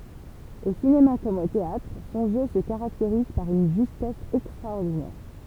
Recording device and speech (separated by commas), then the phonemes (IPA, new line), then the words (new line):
temple vibration pickup, read sentence
o sinema kɔm o teatʁ sɔ̃ ʒø sə kaʁakteʁiz paʁ yn ʒystɛs ɛkstʁaɔʁdinɛʁ
Au cinéma comme au théâtre, son jeu se caractérise par une justesse extraordinaire.